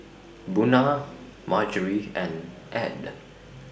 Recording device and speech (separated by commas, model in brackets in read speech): boundary microphone (BM630), read sentence